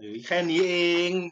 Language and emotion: Thai, neutral